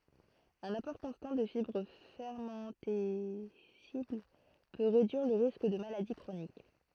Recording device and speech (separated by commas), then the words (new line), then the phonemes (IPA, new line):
throat microphone, read sentence
Un apport constant de fibres fermentescibles peut réduire le risque de maladies chroniques.
œ̃n apɔʁ kɔ̃stɑ̃ də fibʁ fɛʁmɑ̃tɛsibl pø ʁedyiʁ lə ʁisk də maladi kʁonik